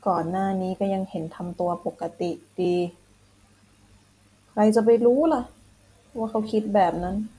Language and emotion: Thai, frustrated